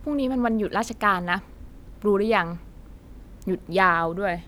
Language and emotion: Thai, frustrated